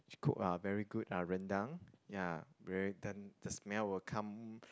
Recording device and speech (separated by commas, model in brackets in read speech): close-talking microphone, conversation in the same room